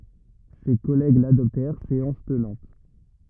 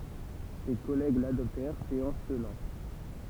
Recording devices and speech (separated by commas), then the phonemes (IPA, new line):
rigid in-ear microphone, temple vibration pickup, read sentence
se kɔlɛɡ ladɔptɛʁ seɑ̃s tənɑ̃t